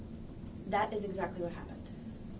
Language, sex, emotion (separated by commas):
English, female, neutral